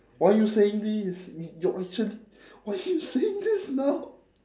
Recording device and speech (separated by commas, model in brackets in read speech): standing microphone, conversation in separate rooms